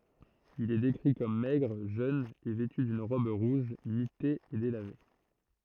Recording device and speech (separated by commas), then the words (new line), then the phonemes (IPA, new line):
throat microphone, read sentence
Il est décrit comme maigre, jeune et vêtu d'une robe rouge mitée et délavée.
il ɛ dekʁi kɔm mɛɡʁ ʒøn e vɛty dyn ʁɔb ʁuʒ mite e delave